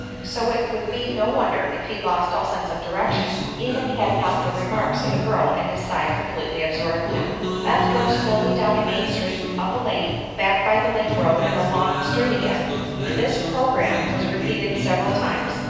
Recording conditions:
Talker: one person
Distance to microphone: 7.1 m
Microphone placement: far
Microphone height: 1.7 m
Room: very reverberant, large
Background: music

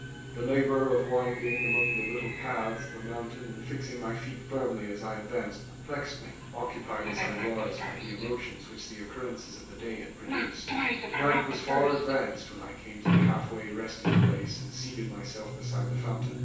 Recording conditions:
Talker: one person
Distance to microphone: 9.8 m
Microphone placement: far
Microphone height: 1.8 m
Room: large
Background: television

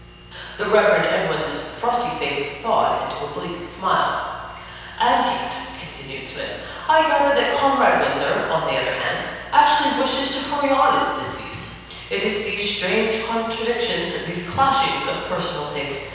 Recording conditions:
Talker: one person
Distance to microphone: 7.1 m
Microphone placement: far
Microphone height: 1.7 m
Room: very reverberant, large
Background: none

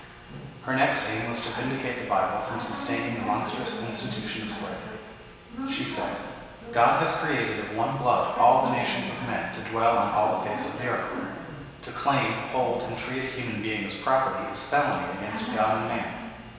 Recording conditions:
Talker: one person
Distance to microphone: 1.7 m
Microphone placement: close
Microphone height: 1.0 m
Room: very reverberant, large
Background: television

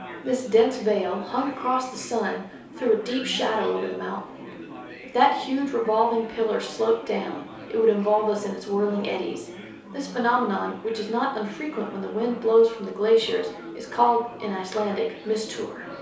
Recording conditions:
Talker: one person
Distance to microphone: 3.0 m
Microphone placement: far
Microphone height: 1.8 m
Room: small (3.7 m by 2.7 m)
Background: babble

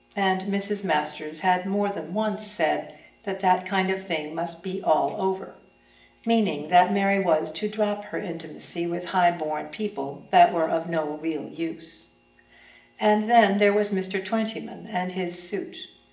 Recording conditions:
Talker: one person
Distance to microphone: 1.8 m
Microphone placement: close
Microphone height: 1.0 m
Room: large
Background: none

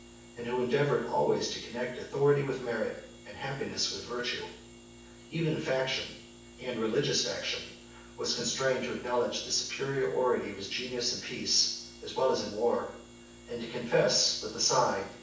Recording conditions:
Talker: one person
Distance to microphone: 9.8 m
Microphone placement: far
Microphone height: 1.8 m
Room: large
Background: none

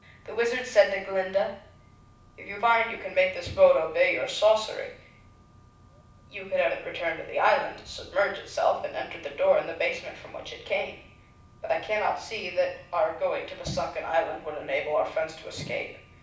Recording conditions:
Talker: one person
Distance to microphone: 5.8 m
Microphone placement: far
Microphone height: 1.8 m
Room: medium-sized (5.7 m by 4.0 m)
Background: none

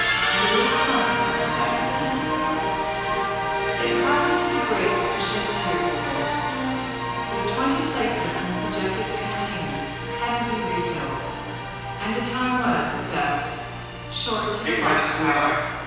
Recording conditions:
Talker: one person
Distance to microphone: 7.1 m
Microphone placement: far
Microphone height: 1.7 m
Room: very reverberant, large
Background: television

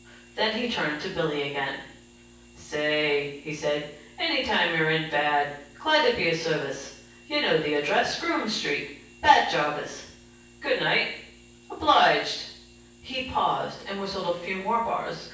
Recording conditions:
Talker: one person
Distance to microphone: 9.8 m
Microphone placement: far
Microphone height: 1.8 m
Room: large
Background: none

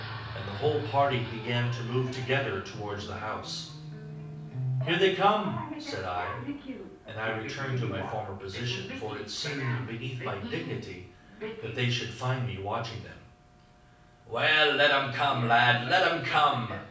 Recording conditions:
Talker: one person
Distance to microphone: 5.8 m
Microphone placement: far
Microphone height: 1.8 m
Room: medium-sized (5.7 m by 4.0 m)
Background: television

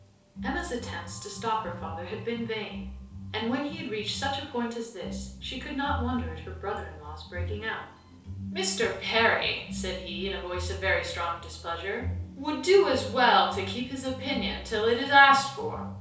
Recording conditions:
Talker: one person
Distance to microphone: 3.0 m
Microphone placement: far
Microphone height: 1.8 m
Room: small (3.7 m by 2.7 m)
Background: music

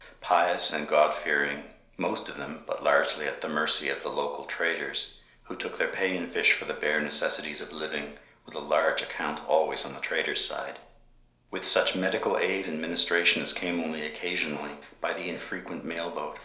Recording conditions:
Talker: one person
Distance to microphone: 1.0 m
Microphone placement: close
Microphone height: 1.1 m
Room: small (3.7 m by 2.7 m)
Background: none

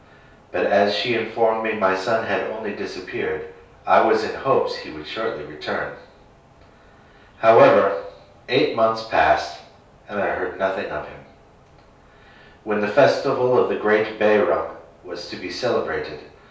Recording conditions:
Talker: one person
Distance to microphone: 3.0 m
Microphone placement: far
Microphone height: 1.8 m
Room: small (3.7 m by 2.7 m)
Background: none

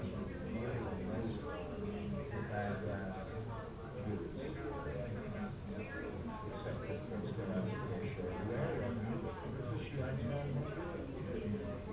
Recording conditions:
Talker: no one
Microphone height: 1.8 m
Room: medium-sized (5.7 m by 4.0 m)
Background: babble

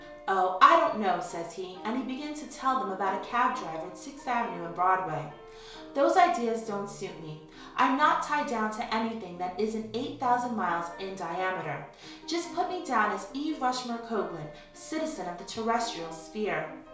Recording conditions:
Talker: one person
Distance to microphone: 1.0 m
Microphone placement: close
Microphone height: 1.1 m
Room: small (3.7 m by 2.7 m)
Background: music

